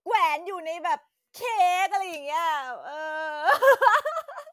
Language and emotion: Thai, happy